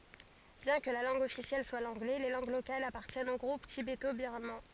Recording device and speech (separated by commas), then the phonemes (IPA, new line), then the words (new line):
forehead accelerometer, read sentence
bjɛ̃ kə la lɑ̃ɡ ɔfisjɛl swa lɑ̃ɡlɛ le lɑ̃ɡ lokalz apaʁtjɛnt o ɡʁup tibeto biʁmɑ̃
Bien que la langue officielle soit l'anglais, les langues locales appartiennent au groupe tibéto-birman.